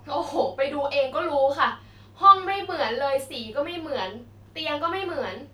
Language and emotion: Thai, frustrated